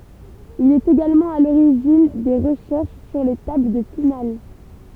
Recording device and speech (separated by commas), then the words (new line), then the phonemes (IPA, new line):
temple vibration pickup, read sentence
Il est également à l'origine des recherches sur les tables de finales.
il ɛt eɡalmɑ̃ a loʁiʒin de ʁəʃɛʁʃ syʁ le tabl də final